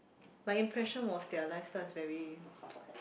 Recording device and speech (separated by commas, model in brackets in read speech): boundary microphone, conversation in the same room